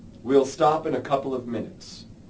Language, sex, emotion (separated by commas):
English, male, neutral